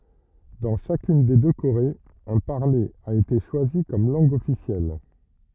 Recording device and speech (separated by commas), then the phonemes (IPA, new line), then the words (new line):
rigid in-ear microphone, read sentence
dɑ̃ ʃakyn de dø koʁez œ̃ paʁle a ete ʃwazi kɔm lɑ̃ɡ ɔfisjɛl
Dans chacune des deux Corées, un parler a été choisi comme langue officielle.